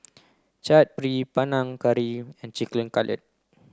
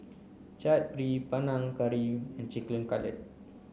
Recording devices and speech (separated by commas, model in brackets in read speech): close-talking microphone (WH30), mobile phone (Samsung C9), read sentence